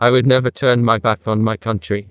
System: TTS, neural waveform model